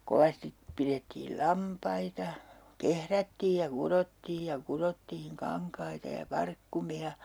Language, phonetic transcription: Finnish, 'kovastip pirettiil "lampaita , 'kehrättiij ja 'kurottiij ja 'kurottiiŋ 'kaŋkaita ja 'parkkumi₍a .
- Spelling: kovasti pidettiin lampaita kehrättiin ja kudottiin ja kudottiin kankaita ja parkkumia

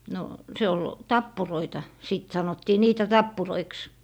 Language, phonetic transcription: Finnish, no , 'se ol , "tappuroita , 'sìt 'sanottii 'niitä "tappuroiks .
- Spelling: no se oli tappuroita sitten sanottiin niitä tappuroiksi

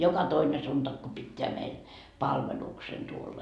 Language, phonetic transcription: Finnish, 'joka 'toine suntak ko pitteä meil , "palveluksen tuolla .
- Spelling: joka toinen sunnuntai kun pitää meille palveluksen tuolla

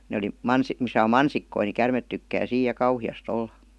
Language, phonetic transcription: Finnish, ne oli , 'mans- , misä om "mansikkoi ni 'kärmet tykkää "siij ja "kauhi₍ast ‿olla .
- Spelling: ne oli - missä on mansikoita niin käärmeet tykkää siinä ja kauheasti olla

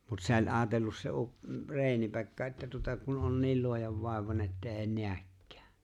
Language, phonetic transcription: Finnish, mut se o͕ĺ '’aatellus se u- 'Re̬e̬ni Pekka että tuta kun ’on "niil 'luojavvàevane että 'eeⁱ "nḙäkkᴀ̈ᴀ̈ .
- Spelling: mutta se oli ajatellut se - Reini Pekka että tuota kun on niin luojanvaivainen että ei näekään

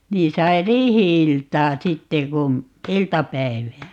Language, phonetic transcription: Finnish, 'niin sai "riihi₍iltaa "sitte kun̬ , "iltapäi̮vää .
- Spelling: niin sai riihi-iltaa sitten kun iltapäivää

